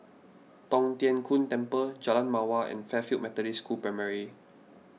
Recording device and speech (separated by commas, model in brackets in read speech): mobile phone (iPhone 6), read sentence